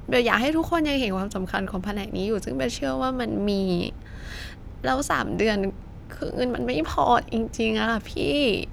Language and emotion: Thai, sad